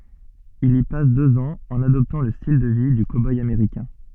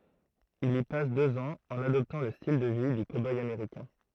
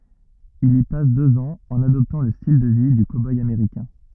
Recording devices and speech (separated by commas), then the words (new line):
soft in-ear microphone, throat microphone, rigid in-ear microphone, read sentence
Il y passe deux ans en adoptant le style de vie du cow-boy américain.